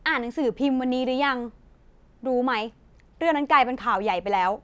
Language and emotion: Thai, frustrated